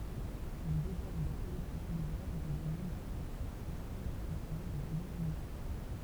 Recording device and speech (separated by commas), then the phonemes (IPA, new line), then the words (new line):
temple vibration pickup, read sentence
il devlɔp de politik nuvɛl dɑ̃ də nɔ̃bʁø sɛktœʁ sɑ̃sibl kɔm səlyi də lɑ̃viʁɔnmɑ̃
Il développe des politiques nouvelles dans de nombreux secteurs sensibles comme celui de l'environnement.